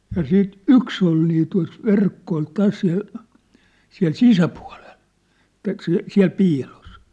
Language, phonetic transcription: Finnish, ja siit "yks ‿ol nii tua̭s , 'verkko ol 'täs ja , siä̭l "sisäpua̭lel , (et̆tä) siä̭- , siä̬l 'piilos .
- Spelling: ja sitten yksi oli niin tuossa verkko oli tässä ja siellä sisäpuolella että - siellä piilossa

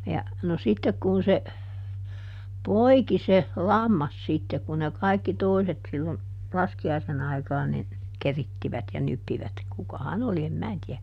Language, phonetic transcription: Finnish, ja , no ˈsittek kun se , "poiki se , "lammas ˈsitte kun ne ˈkaikki "toiset sillon , ˈlaski₍aisen ‿aikaan nin , "kerittivät ja ˈnyppivät - ˈkukaha"n ‿oli em "mää tiä .
- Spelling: ja no sitten kun se poiki se lammas sitten kun ne kaikki toiset silloin laskiaisen aikaan niin keritsivät ja nyppivät kukahan oli en minä tiedä

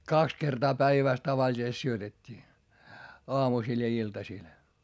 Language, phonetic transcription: Finnish, kaks kertaa päivä̀s tavaĺisest syötet́t́ii , oamusìl ja iltasìl .
- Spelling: kaksi kertaa päivässä tavallisesti syötettiin aamusilla ja iltasilla

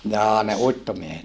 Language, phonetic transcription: Finnish, jaa ne uittomiehet ?
- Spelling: jaa ne uittomiehet

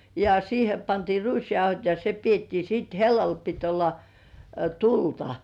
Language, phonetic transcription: Finnish, ja 'siihe pantii "ruisjauhot ja se 'piettii siit "hellal pit olla , "tulta .
- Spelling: ja siihen pantiin ruisjauhot ja se pidettiin sitten hellalla piti olla tulta

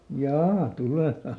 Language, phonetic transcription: Finnish, "jaa , ˈtulè vai .
- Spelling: jaa tulee vai

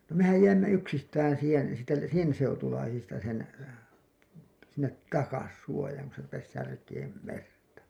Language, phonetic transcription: Finnish, no mehäj "jäimmä 'yksistään̬ siihen̬ , sitte "sen 'seutulaisista sen , sinnet "takas 'suojaaŋ ku se rupes "särkeem "merta .
- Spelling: no mehän jäimme yksistään siihen sitten sen seutulaisista sen sinne takaisin suojaan kun se rupesi särkemään merta

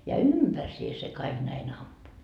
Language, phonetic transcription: Finnish, ja "ympärsie se kaiG näin 'ampu .
- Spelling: ja ympärsiin se kaikki näin ampui

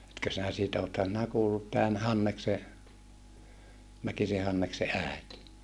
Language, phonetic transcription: Finnish, etkö sinä siitä othan sⁱnä kuullut tään Hannekse , Mäkise Hannekse ä̀et .
- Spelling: etkö sinä siitä olethan sinä kuullut tämän Hanneksen Mäkisen Hanneksen äiti

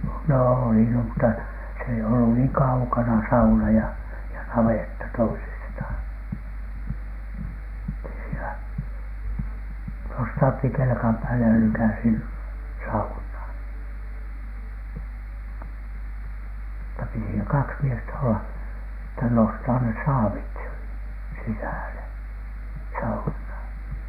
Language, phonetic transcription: Finnish, nò oli no mutta , se ei ollu niiŋ "kaukana 'sauna ja , ja 'navetta toisistʰàn , (ettei siinä) , nosthautti 'kelᵉkam pääle ja lykäsi n- , "sauhnàn , (mut)ta piti (siinä) 'kaks miestä olla , että nostaa nes "saavit , 'sisä̀le , 'sauhnàn .
- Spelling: no oli no mutta se ei ollut niin kaukana sauna ja ja navetta toisistaan että ei siinä nostahdutti kelkan päälle ja lykkäsi - saunaan mutta piti siinä kaksi miestä olla että nostaa ne saavit sisälle saunaan

